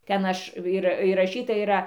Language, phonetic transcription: Lithuanian, ˈten ˈaš ir įraˈšyta yˈra

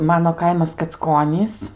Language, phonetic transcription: Lithuanian, ˈmano ˈkaimas kacˈkonys

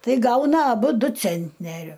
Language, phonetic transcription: Lithuanian, ˈtai ˈgauna aˈbu ˈdu ˈcentneriu

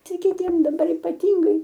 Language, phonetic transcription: Lithuanian, ˈtai kiˈtiem daˈbar ypaˈtingai

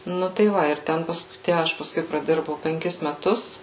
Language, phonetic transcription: Lithuanian, ˈnu tai ˈva ir ˈten ˈpas ˈtæ ˈaš paˈskui praˈdirbau penˈkis meˈtus

